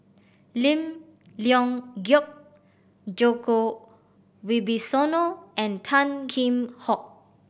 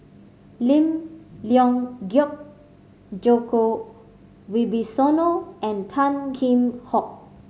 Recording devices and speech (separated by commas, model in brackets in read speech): boundary microphone (BM630), mobile phone (Samsung C5010), read sentence